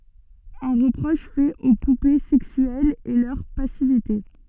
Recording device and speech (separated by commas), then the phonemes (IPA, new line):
soft in-ear microphone, read sentence
œ̃ ʁəpʁɔʃ fɛt o pupe sɛksyɛlz ɛ lœʁ pasivite